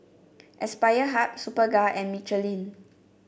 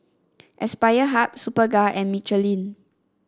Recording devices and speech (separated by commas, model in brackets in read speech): boundary microphone (BM630), standing microphone (AKG C214), read sentence